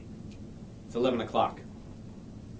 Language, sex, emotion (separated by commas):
English, male, neutral